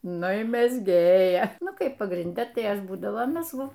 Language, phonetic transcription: Lithuanian, ˈnu i mezˈgėja ˈnu ˈkaip pagrinˈde tai ˈaš ˈbūdavo mezˈgu

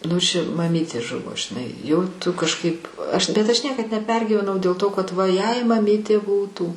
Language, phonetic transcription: Lithuanian, nu ˈši maˈmytė ˈžuvo žiˈnai jau ˈtu kažˈkaip aš bet ˈaš ˈniekad neˈpergyvenau dėl ˈto kad ˈva jei maˈmytė ˈbūtų

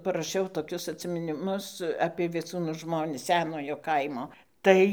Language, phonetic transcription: Lithuanian, paraˈšiau toˈkius atsiminiˈmus apie vieˈcūnų ˈžmonis ˈsenojo ˈkaimo ˈtai

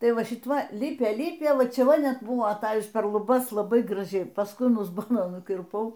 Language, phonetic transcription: Lithuanian, ˈtai ˈva ˈšit ˈva ˈlipė ˈlipė ˈva ˈčia ˈva ˈnet ˈbuvo aˈtajus per luˈbas laˈbai graˈžiai pasˈkui an uzˈbono nukirˈpau

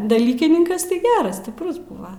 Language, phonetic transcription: Lithuanian, daˈlykininkas tai ˈgeras stiˈprus ˈbuva

